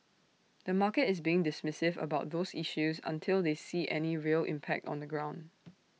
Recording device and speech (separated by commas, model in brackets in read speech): mobile phone (iPhone 6), read sentence